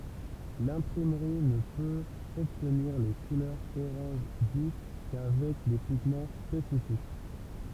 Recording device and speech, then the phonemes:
temple vibration pickup, read sentence
lɛ̃pʁimʁi nə pøt ɔbtniʁ le kulœʁz oʁɑ̃ʒ vif kavɛk de piɡmɑ̃ spesifik

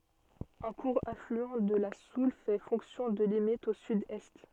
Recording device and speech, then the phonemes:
soft in-ear microphone, read sentence
œ̃ kuʁ aflyɑ̃ də la sul fɛ fɔ̃ksjɔ̃ də limit o sydɛst

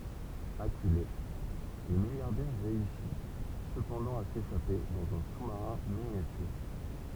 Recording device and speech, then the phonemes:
temple vibration pickup, read sentence
akyle lə miljaʁdɛʁ ʁeysi səpɑ̃dɑ̃ a seʃape dɑ̃z œ̃ su maʁɛ̃ minjatyʁ

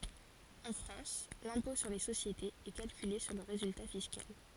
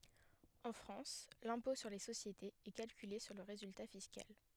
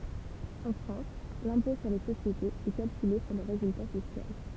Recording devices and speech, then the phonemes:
forehead accelerometer, headset microphone, temple vibration pickup, read sentence
ɑ̃ fʁɑ̃s lɛ̃pɔ̃ syʁ le sosjetez ɛ kalkyle syʁ lə ʁezylta fiskal

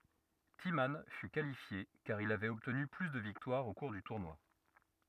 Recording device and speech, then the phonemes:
rigid in-ear microphone, read sentence
timmɑ̃ fy kalifje kaʁ il avɛt ɔbtny ply də viktwaʁz o kuʁ dy tuʁnwa

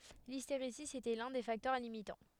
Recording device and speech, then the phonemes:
headset microphone, read sentence
listeʁezi etɛ lœ̃ de faktœʁ limitɑ̃

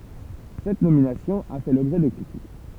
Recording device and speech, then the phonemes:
temple vibration pickup, read sentence
sɛt nominasjɔ̃ a fɛ lɔbʒɛ də kʁitik

